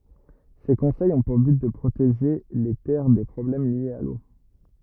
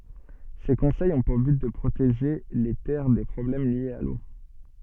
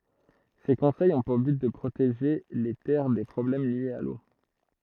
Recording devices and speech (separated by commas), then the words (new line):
rigid in-ear microphone, soft in-ear microphone, throat microphone, read sentence
Ces conseils ont pour but de protéger les terres des problèmes liés à l'eau.